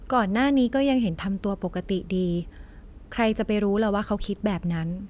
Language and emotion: Thai, neutral